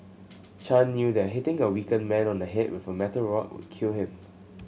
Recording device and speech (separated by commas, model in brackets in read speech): mobile phone (Samsung C7100), read sentence